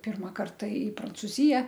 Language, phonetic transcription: Lithuanian, ˈpirma ˈkarta i prancuˈzija

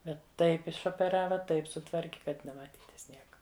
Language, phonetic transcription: Lithuanian, ˈbet ˈtaip išopeˈrava ˈtaip suˈtvarki kad nemaˈtytis ˈnieka

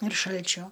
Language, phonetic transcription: Lithuanian, ir ˈšalčio

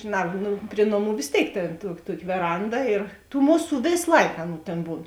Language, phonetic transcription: Lithuanian, žiˈna ˈnu ˈpri noˌmų vės ˈtėik tėn tuo ˈtuoki veˈranda ir tų ˈmuˌsų ˈvės ˈlaik ˈaˌnų ˈtėn ˈbūn

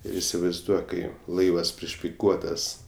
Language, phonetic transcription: Lithuanian, ˈir isivaizˈduok ˈkai ˈlaivas prišpiˈkuotas

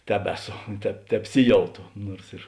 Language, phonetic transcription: Lithuanian, ˈtebeˌso teb tebˈsiˌjauto ˈnuors ir

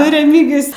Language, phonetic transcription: Lithuanian, nu reˈmygijus

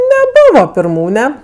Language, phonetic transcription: Lithuanian, neˈbuvo pirˈmūne

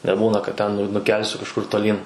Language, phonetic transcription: Lithuanian, neˈbūna kad ˈten nu nuˈkelsiu kažˈkur toˈlyn

